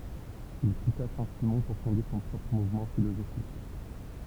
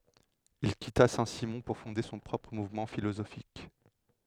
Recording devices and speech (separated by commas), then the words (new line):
temple vibration pickup, headset microphone, read sentence
Il quitta Saint-Simon pour fonder son propre mouvement philosophique.